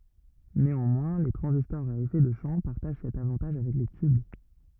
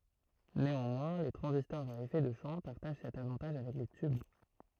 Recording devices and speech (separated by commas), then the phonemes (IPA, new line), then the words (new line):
rigid in-ear microphone, throat microphone, read sentence
neɑ̃mwɛ̃ le tʁɑ̃zistɔʁz a efɛ də ʃɑ̃ paʁtaʒ sɛt avɑ̃taʒ avɛk le tyb
Néanmoins, les transistors à effet de champ partagent cet avantage avec les tubes.